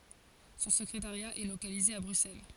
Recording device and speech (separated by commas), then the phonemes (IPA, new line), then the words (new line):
forehead accelerometer, read sentence
sɔ̃ səkʁetaʁja ɛ lokalize a bʁyksɛl
Son secrétariat est localisé à Bruxelles.